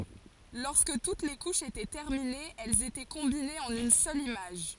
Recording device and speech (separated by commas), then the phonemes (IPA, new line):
forehead accelerometer, read sentence
lɔʁskə tut le kuʃz etɛ tɛʁminez ɛlz etɛ kɔ̃binez ɑ̃n yn sœl imaʒ